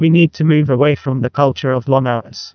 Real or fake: fake